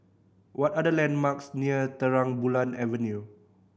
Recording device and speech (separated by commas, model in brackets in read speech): boundary microphone (BM630), read sentence